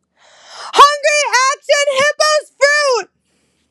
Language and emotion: English, sad